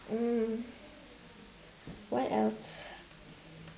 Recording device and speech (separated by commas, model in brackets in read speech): standing microphone, conversation in separate rooms